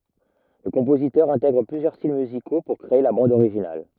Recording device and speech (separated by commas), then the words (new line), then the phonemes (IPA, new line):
rigid in-ear microphone, read sentence
Le compositeur intègre plusieurs styles musicaux pour créer la bande originale.
lə kɔ̃pozitœʁ ɛ̃tɛɡʁ plyzjœʁ stil myziko puʁ kʁee la bɑ̃d oʁiʒinal